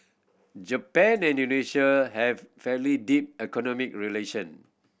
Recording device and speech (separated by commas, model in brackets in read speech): boundary microphone (BM630), read sentence